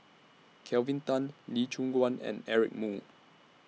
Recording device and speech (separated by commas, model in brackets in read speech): mobile phone (iPhone 6), read sentence